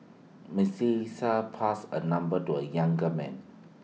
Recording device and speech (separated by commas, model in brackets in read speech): mobile phone (iPhone 6), read sentence